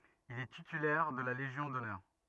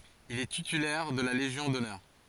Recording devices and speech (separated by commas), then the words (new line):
rigid in-ear microphone, forehead accelerometer, read sentence
Il est titulaire de la légion d’honneur.